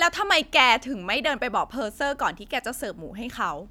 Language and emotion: Thai, angry